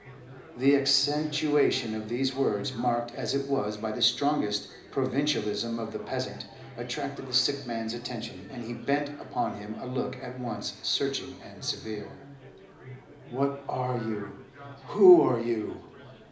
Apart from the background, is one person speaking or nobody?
One person.